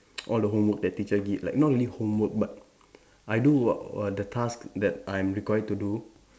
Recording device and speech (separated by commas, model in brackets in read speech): standing microphone, conversation in separate rooms